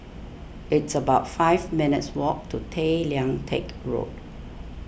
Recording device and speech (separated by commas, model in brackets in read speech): boundary microphone (BM630), read sentence